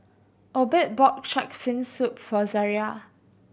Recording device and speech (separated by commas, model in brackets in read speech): boundary microphone (BM630), read sentence